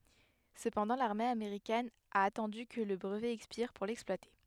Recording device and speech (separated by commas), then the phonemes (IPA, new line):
headset microphone, read sentence
səpɑ̃dɑ̃ laʁme ameʁikɛn a atɑ̃dy kə lə bʁəvɛ ɛkspiʁ puʁ lɛksplwate